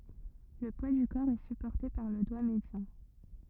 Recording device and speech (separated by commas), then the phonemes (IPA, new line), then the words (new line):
rigid in-ear microphone, read sentence
lə pwa dy kɔʁ ɛ sypɔʁte paʁ lə dwa medjɑ̃
Le poids du corps est supporté par le doigt médian.